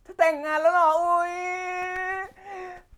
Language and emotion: Thai, happy